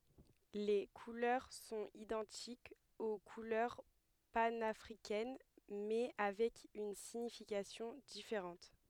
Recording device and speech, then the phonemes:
headset microphone, read sentence
le kulœʁ sɔ̃t idɑ̃tikz o kulœʁ panafʁikɛn mɛ avɛk yn siɲifikasjɔ̃ difeʁɑ̃t

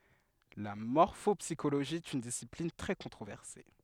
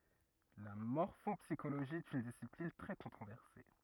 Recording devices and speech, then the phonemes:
headset microphone, rigid in-ear microphone, read sentence
la mɔʁfɔpsiʃoloʒi ɛt yn disiplin tʁɛ kɔ̃tʁovɛʁse

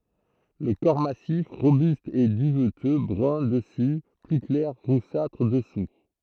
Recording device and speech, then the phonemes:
throat microphone, read sentence
lə kɔʁ masif ʁobyst ɛ dyvtø bʁœ̃ dəsy ply klɛʁ ʁusatʁ dəsu

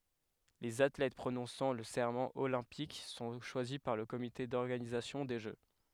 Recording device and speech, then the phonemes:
headset microphone, read sentence
lez atlɛt pʁonɔ̃sɑ̃ lə sɛʁmɑ̃ olɛ̃pik sɔ̃ ʃwazi paʁ lə komite dɔʁɡanizasjɔ̃ de ʒø

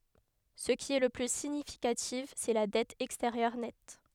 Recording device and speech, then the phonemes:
headset microphone, read sentence
sə ki ɛ lə ply siɲifikatif sɛ la dɛt ɛksteʁjœʁ nɛt

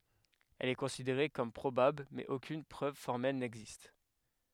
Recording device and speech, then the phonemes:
headset microphone, read sentence
ɛl ɛ kɔ̃sideʁe kɔm pʁobabl mɛz okyn pʁøv fɔʁmɛl nɛɡzist

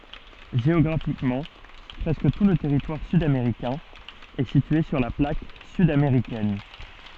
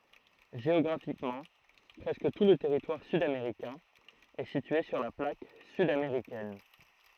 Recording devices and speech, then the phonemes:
soft in-ear microphone, throat microphone, read sentence
ʒeɔɡʁafikmɑ̃ pʁɛskə tu lə tɛʁitwaʁ syd ameʁikɛ̃ ɛ sitye syʁ la plak syd ameʁikɛn

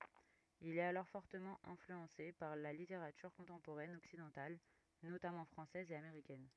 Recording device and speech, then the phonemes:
rigid in-ear microphone, read sentence
il ɛt alɔʁ fɔʁtəmɑ̃ ɛ̃flyɑ̃se paʁ la liteʁatyʁ kɔ̃tɑ̃poʁɛn ɔksidɑ̃tal notamɑ̃ fʁɑ̃sɛz e ameʁikɛn

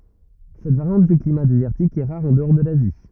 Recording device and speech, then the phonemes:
rigid in-ear microphone, read sentence
sɛt vaʁjɑ̃t dy klima dezɛʁtik ɛ ʁaʁ ɑ̃dɔʁ də lazi

